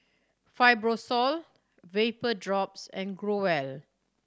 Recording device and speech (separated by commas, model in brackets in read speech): standing microphone (AKG C214), read sentence